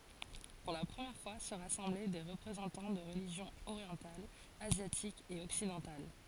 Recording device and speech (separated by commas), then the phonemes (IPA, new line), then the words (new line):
forehead accelerometer, read sentence
puʁ la pʁəmjɛʁ fwa sə ʁasɑ̃blɛ de ʁəpʁezɑ̃tɑ̃ də ʁəliʒjɔ̃z oʁjɑ̃talz azjatikz e ɔksidɑ̃tal
Pour la première fois se rassemblaient des représentants de religions orientales, asiatiques et occidentales.